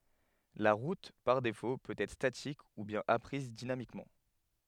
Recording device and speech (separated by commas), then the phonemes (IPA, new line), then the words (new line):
headset microphone, read sentence
la ʁut paʁ defo pøt ɛtʁ statik u bjɛ̃n apʁiz dinamikmɑ̃
La route par défaut peut être statique ou bien apprise dynamiquement.